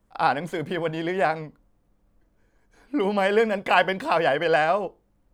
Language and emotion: Thai, sad